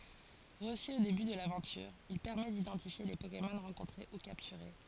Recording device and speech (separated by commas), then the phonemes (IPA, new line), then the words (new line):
forehead accelerometer, read sentence
ʁəsy o deby də lavɑ̃tyʁ il pɛʁmɛ didɑ̃tifje le pokemɔn ʁɑ̃kɔ̃tʁe u kaptyʁe
Reçu au début de l'aventure, il permet d'identifier les Pokémon rencontrés ou capturés.